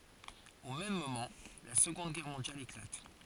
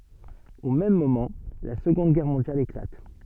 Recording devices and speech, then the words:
forehead accelerometer, soft in-ear microphone, read sentence
Au même moment, la Seconde Guerre mondiale éclate.

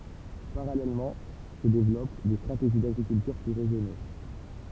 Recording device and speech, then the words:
temple vibration pickup, read sentence
Parallèlement se développent des stratégies d'agriculture plus raisonnée.

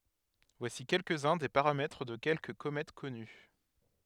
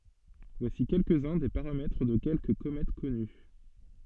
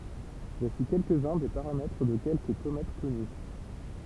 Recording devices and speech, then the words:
headset microphone, soft in-ear microphone, temple vibration pickup, read sentence
Voici quelques-uns des paramètres de quelques comètes connues.

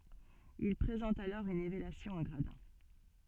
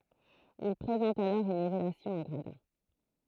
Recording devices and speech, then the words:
soft in-ear microphone, throat microphone, read sentence
Ils présentent alors une élévation en gradins.

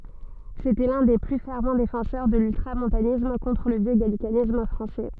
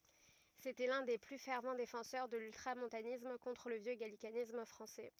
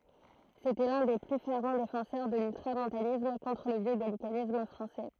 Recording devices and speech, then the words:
soft in-ear microphone, rigid in-ear microphone, throat microphone, read sentence
C'était l'un des plus fervents défenseurs de l'ultramontanisme contre le vieux gallicanisme français.

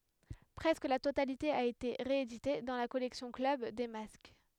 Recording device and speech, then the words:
headset microphone, read sentence
Presque la totalité a été rééditée dans la collection Club des Masques.

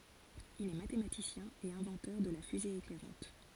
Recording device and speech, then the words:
forehead accelerometer, read sentence
Il est mathématicien et inventeur de la fusée éclairante.

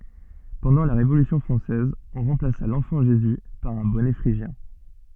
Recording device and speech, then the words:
soft in-ear microphone, read sentence
Pendant la Révolution française, on remplaça l’enfant Jésus par un bonnet phrygien.

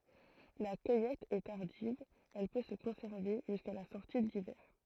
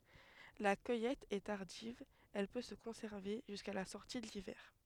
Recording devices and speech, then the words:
throat microphone, headset microphone, read sentence
La cueillette est tardive, elle peut se conserver jusqu'à la sortie de l'hiver.

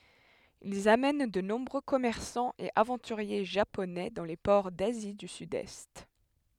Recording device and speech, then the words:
headset microphone, read sentence
Ils amènent de nombreux commerçants et aventuriers Japonais dans les ports d'Asie du Sud-Est.

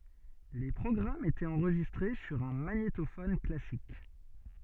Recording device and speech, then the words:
soft in-ear microphone, read sentence
Les programmes étaient enregistrés sur un magnétophone classique.

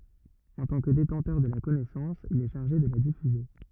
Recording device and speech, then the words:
rigid in-ear microphone, read sentence
En tant que détenteur de la connaissance, il est chargé de la diffuser.

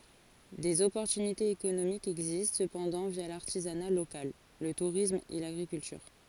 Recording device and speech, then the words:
forehead accelerometer, read sentence
Des opportunités économiques existent cependant via l'artisanat local, le tourisme et l'agriculture.

